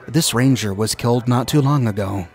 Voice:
in a worried voice